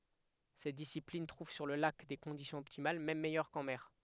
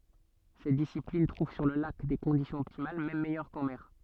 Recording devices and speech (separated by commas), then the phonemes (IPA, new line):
headset microphone, soft in-ear microphone, read sentence
sɛt disiplin tʁuv syʁ lə lak de kɔ̃disjɔ̃z ɔptimal mɛm mɛjœʁ kɑ̃ mɛʁ